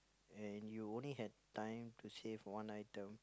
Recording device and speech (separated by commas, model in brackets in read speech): close-talking microphone, conversation in the same room